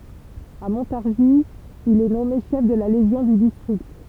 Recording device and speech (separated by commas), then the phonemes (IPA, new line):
temple vibration pickup, read sentence
a mɔ̃taʁʒi il ɛ nɔme ʃɛf də la leʒjɔ̃ dy distʁikt